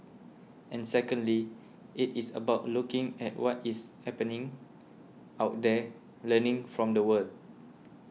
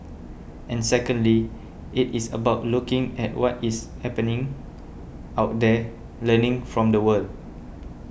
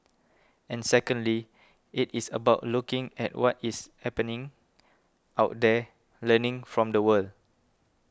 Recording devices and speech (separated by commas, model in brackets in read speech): mobile phone (iPhone 6), boundary microphone (BM630), close-talking microphone (WH20), read sentence